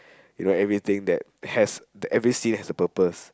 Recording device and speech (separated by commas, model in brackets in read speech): close-talking microphone, conversation in the same room